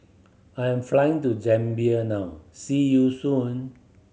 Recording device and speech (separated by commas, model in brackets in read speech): mobile phone (Samsung C7100), read sentence